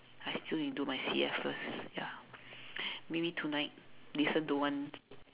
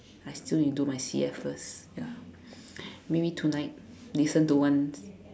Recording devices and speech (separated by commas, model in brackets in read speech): telephone, standing microphone, conversation in separate rooms